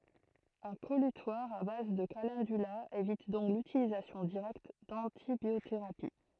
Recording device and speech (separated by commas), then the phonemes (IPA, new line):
throat microphone, read sentence
œ̃ kɔlytwaʁ a baz də kalɑ̃dyla evit dɔ̃k lytilizasjɔ̃ diʁɛkt dɑ̃tibjoteʁapi